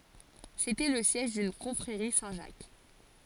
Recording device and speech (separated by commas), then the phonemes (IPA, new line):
forehead accelerometer, read sentence
setɛ lə sjɛʒ dyn kɔ̃fʁeʁi sɛ̃tʒak